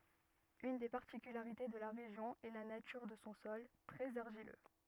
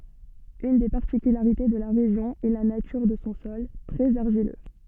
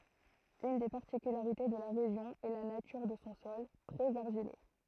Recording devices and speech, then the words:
rigid in-ear microphone, soft in-ear microphone, throat microphone, read sentence
Une des particularités de la région est la nature de son sol, très argileux.

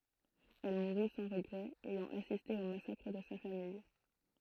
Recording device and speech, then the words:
throat microphone, read sentence
Elle mourut sans regrets, ayant assisté au massacre de sa famille.

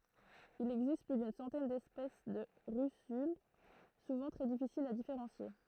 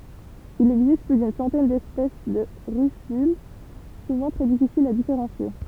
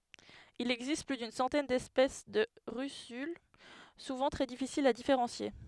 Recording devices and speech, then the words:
throat microphone, temple vibration pickup, headset microphone, read sentence
Il existe plus d'une centaine d'espèces de russules, souvent très difficiles à différencier.

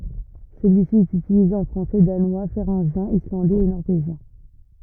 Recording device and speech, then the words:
rigid in-ear microphone, read sentence
Celui-ci est utilisé en français, danois, féringien, islandais et norvégien.

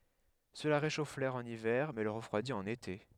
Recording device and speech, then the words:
headset microphone, read sentence
Cela réchauffe l'air en hiver mais le refroidit en été.

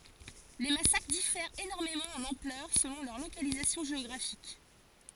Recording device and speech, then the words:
forehead accelerometer, read sentence
Les massacres diffèrent énormément en ampleur selon leur localisation géographique.

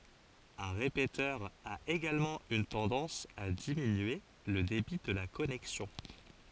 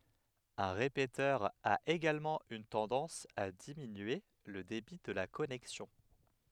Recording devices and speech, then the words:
forehead accelerometer, headset microphone, read sentence
Un répéteur a également une tendance à diminuer le débit de la connexion.

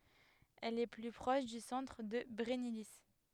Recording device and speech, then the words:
headset microphone, read sentence
Elle est plus proche du centre de Brennilis.

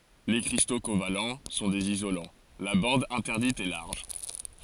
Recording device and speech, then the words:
forehead accelerometer, read sentence
Les cristaux covalents sont des isolants, la bande interdite est large.

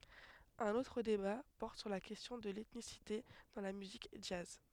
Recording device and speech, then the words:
headset microphone, read sentence
Un autre débat porte sur la question de l'ethnicité dans la musique jazz.

